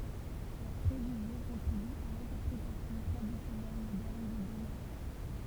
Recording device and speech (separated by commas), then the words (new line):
temple vibration pickup, read sentence
Leurs préjugés contribuent à l'interprétation traditionnelle moderne des Doriens.